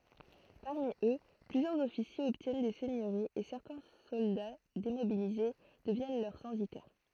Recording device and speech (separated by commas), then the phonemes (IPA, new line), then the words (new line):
throat microphone, read sentence
paʁmi ø plyzjœʁz ɔfisjez ɔbtjɛn de sɛɲøʁiz e sɛʁtɛ̃ sɔlda demobilize dəvjɛn lœʁ sɑ̃sitɛʁ
Parmi eux, plusieurs officiers obtiennent des seigneuries et certains soldats démobilisés deviennent leurs censitaires.